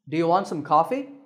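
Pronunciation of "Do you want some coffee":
The voice goes up, with a rising tone, on 'Do you want some coffee?', which makes it sound like a friendly offer.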